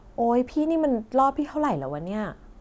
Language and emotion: Thai, frustrated